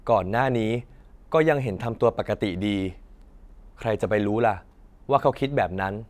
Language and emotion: Thai, neutral